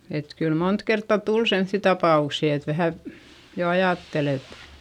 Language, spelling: Finnish, että kyllä monta kertaa tuli semmoisia tapauksia että vähän jo ajatteli että
- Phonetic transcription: et kyl mont kertta tul semϑϑi tapà₍uksi et vähä , jo ajàttel ‿et ,.

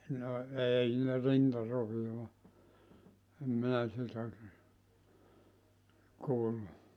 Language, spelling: Finnish, no ei ne rintaroviota en minä sitä kuullut
- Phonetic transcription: no , 'ei ne "rintarovi₍oa , 'em 'minä sitä , 'kuullu .

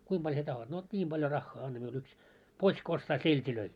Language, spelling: Finnish, kuinka paljon sinä tahdot no niin paljon rahaa anna minulle yksi potska ostaa seltejä
- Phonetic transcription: 'kuim ʙaĺ sie tahot ? « » no 'ńiim ʙaljo 'raχχaa anna miul yks , "pots̆k ‿ostaa "selt́ilöi . «

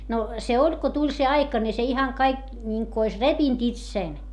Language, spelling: Finnish, no se oli kun tuli se aika niin se ihan kaikki niin kuin olisi repinyt itse
- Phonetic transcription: no , se oĺ ko tuĺ se aika ni se ihaŋ kaik , ńiŋku ois repint itsèn .

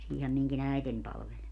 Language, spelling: Finnish, siinähän minunkin äitini palveli
- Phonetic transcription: 'siihä miŋki"n ‿äiten 'palvel .

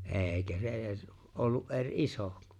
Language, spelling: Finnish, eikä se edes ollut eri iso
- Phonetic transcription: ’e̬e̬ⁱkä se '’e̬e̬s , 'ollu’ ’e̬r "’iso .

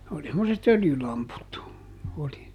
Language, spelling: Finnish, oli semmoiset öljylamput oli
- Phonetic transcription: oli semmoset "öljylamput , oli .

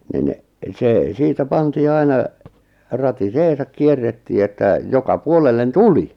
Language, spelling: Finnish, niin se siitä pantiin aina ratiseensa kierrettiin että joka puolelle tuli
- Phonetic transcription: nin , 'sè , 'siitä pantii aina , "rati"seesak 'kierrettii että , 'joka 'puolellen "tuli .

